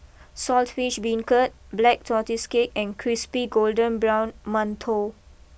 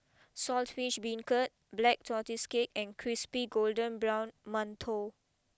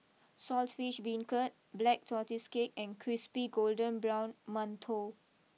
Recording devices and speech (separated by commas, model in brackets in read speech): boundary microphone (BM630), close-talking microphone (WH20), mobile phone (iPhone 6), read sentence